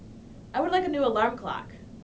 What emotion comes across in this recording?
neutral